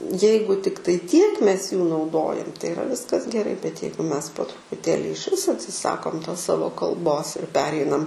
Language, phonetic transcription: Lithuanian, ˈjeigu ˈtiktai tiek ˈmes jų nauˈdojam tai iˈra ˈviskas geˈrai bet ˈjeigu ˈmes po trupuˈtėli išˈvis atsiˈsakom tos ˈsavo kalˈbos ir ˈpereinam

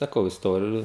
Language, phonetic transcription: Lithuanian, saˈkau isˈtoriju

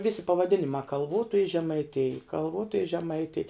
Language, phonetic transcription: Lithuanian, ˈvisi pavaˈdinimā kalˈvotoji žemaiˈtij kalˈvotoji žemaiˈtij

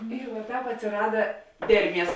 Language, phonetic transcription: Lithuanian, ir va ˈtāp atsiˈrada ˈderˌmies

